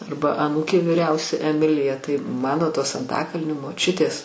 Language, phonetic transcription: Lithuanian, ˈarba aˈnūkė vyˈriausia eˈmilija tai ˈmano ˈtos anˈtakalnio moˈčiutės

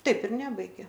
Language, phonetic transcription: Lithuanian, ˈtaip ir ˈnebaigė

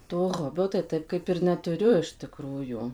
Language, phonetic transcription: Lithuanian, to ˈhobio tai ˈtaip ˈkaip ir neˈturiu iš tiˈkrųjų

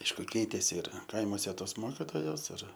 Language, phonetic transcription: Lithuanian, ˈaišku ˈkeitėsi ir ˈkaimuose ˈtos ˈmokitojos ir

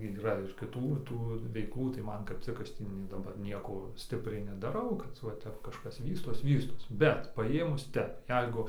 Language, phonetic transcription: Lithuanian, yˈra ir kiˈtų ˈtų veiˈklų tai ˈman kap ˈcik ˈaš ˈtį nie daˈbar ˈnieko ˈstipriai nedaˈrau kad va ˈtep kažˈkas ˈvystos ˈvystos ˈbet paˈjėmus ˈtep ˈjeigu

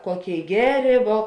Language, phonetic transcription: Lithuanian, ˈkoˌkėi ˈgeˌrė vuo

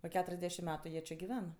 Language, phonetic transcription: Lithuanian, o ˈketuriasˌdešim ˈmetu ˈjie či giˈven

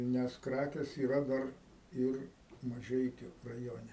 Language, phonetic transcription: Lithuanian, ˈnes ˈkrakės yˈra ˈdar ˈir maˈžeikiu raˈjone

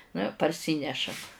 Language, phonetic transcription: Lithuanian, nu i parˈsynešam

